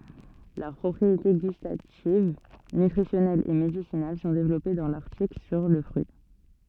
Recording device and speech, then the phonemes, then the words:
soft in-ear microphone, read sentence
lœʁ pʁɔpʁiete ɡystativ nytʁisjɔnɛlz e medisinal sɔ̃ devlɔpe dɑ̃ laʁtikl syʁ lə fʁyi
Leurs propriétés gustatives, nutritionnelles et médicinales sont développées dans l'article sur le fruit.

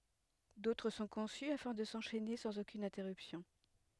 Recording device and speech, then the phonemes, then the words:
headset microphone, read sentence
dotʁ sɔ̃ kɔ̃sy afɛ̃ də sɑ̃ʃɛne sɑ̃z okyn ɛ̃tɛʁypsjɔ̃
D’autres sont conçus afin de s’enchaîner sans aucune interruption.

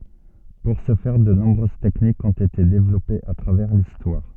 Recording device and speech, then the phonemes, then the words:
soft in-ear microphone, read sentence
puʁ sə fɛʁ də nɔ̃bʁøz tɛknikz ɔ̃t ete devlɔpez a tʁavɛʁ listwaʁ
Pour ce faire, de nombreuses techniques ont été développées à travers l'histoire.

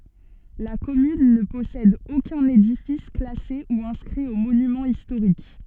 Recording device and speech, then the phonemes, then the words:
soft in-ear microphone, read sentence
la kɔmyn nə pɔsɛd okœ̃n edifis klase u ɛ̃skʁi o monymɑ̃z istoʁik
La commune ne possède aucun édifice classé ou inscrit aux monuments historiques.

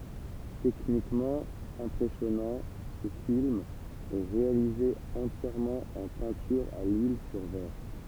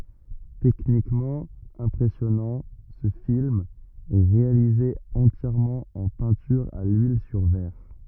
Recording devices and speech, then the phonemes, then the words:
temple vibration pickup, rigid in-ear microphone, read sentence
tɛknikmɑ̃ ɛ̃pʁɛsjɔnɑ̃ sə film ɛ ʁealize ɑ̃tjɛʁmɑ̃ ɑ̃ pɛ̃tyʁ a lyil syʁ vɛʁ
Techniquement impressionnant, ce film est réalisé entièrement en peinture à l'huile sur verre.

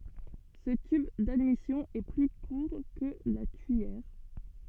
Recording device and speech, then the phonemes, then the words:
soft in-ear microphone, read sentence
sə tyb dadmisjɔ̃ ɛ ply kuʁ kə la tyijɛʁ
Ce tube d'admission est plus court que la tuyère.

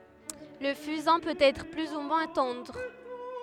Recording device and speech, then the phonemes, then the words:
headset microphone, read sentence
lə fyzɛ̃ pøt ɛtʁ ply u mwɛ̃ tɑ̃dʁ
Le fusain peut être plus ou moins tendre.

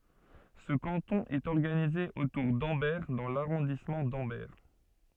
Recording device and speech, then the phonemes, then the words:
soft in-ear microphone, read sentence
sə kɑ̃tɔ̃ ɛt ɔʁɡanize otuʁ dɑ̃bɛʁ dɑ̃ laʁɔ̃dismɑ̃ dɑ̃bɛʁ
Ce canton est organisé autour d'Ambert dans l'arrondissement d'Ambert.

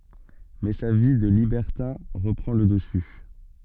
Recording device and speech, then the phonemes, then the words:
soft in-ear microphone, read sentence
mɛ sa vi də libɛʁtɛ̃ ʁəpʁɑ̃ lə dəsy
Mais sa vie de libertin reprend le dessus.

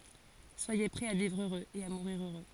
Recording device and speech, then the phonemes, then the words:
forehead accelerometer, read sentence
swaje pʁɛz a vivʁ øʁøz e a muʁiʁ øʁø
Soyez prêts à vivre heureux et à mourir heureux.

